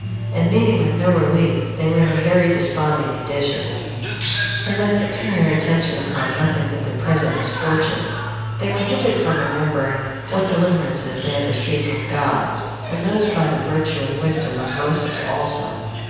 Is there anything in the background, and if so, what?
A television.